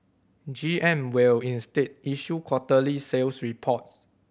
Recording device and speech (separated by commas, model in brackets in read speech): boundary microphone (BM630), read sentence